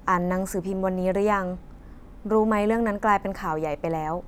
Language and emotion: Thai, neutral